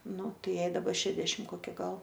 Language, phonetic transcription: Lithuanian, ˈnu ˈjai daˈba ˈšedešim koˈki ˈgal

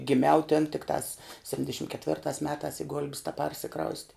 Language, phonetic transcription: Lithuanian, giˈmiau tin tikˈtās sepˈtindešim ketˈvirtās ˈmetās i gulb's teˈparsikrausti

